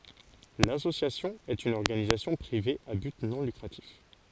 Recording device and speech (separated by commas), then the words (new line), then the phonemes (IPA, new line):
forehead accelerometer, read sentence
L'association est une organisation privée à but non lucratif.
lasosjasjɔ̃ ɛt yn ɔʁɡanizasjɔ̃ pʁive a byt nɔ̃ lykʁatif